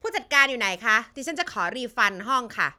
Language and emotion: Thai, angry